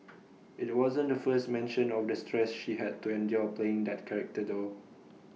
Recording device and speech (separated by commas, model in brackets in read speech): mobile phone (iPhone 6), read sentence